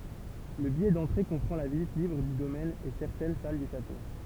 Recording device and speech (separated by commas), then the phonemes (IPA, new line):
temple vibration pickup, read sentence
lə bijɛ dɑ̃tʁe kɔ̃pʁɑ̃ la vizit libʁ dy domɛn e sɛʁtɛn sal dy ʃato